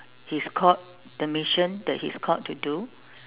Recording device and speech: telephone, conversation in separate rooms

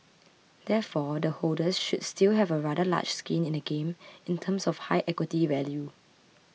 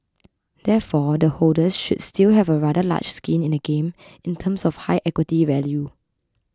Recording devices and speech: mobile phone (iPhone 6), close-talking microphone (WH20), read sentence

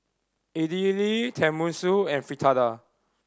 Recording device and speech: standing microphone (AKG C214), read sentence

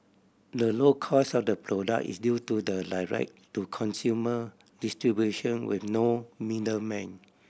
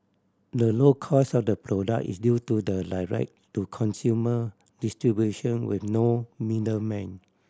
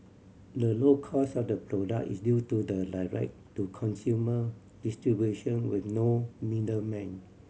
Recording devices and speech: boundary microphone (BM630), standing microphone (AKG C214), mobile phone (Samsung C7100), read sentence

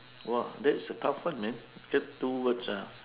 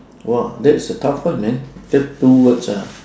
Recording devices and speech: telephone, standing microphone, conversation in separate rooms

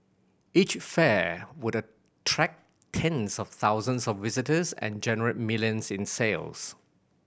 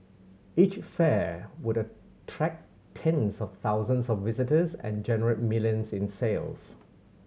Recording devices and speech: boundary microphone (BM630), mobile phone (Samsung C7100), read sentence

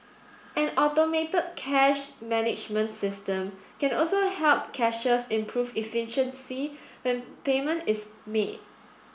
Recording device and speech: boundary microphone (BM630), read sentence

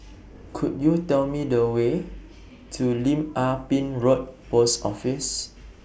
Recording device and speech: boundary microphone (BM630), read sentence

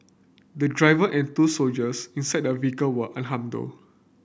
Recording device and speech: boundary microphone (BM630), read sentence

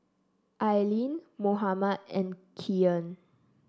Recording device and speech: standing microphone (AKG C214), read sentence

